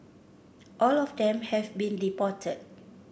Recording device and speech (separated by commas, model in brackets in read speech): boundary microphone (BM630), read sentence